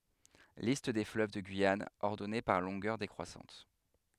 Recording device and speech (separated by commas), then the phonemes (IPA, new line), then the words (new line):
headset microphone, read sentence
list de fløv də ɡyijan ɔʁdɔne paʁ lɔ̃ɡœʁ dekʁwasɑ̃t
Liste des fleuves de Guyane, ordonnée par longueur décroissante.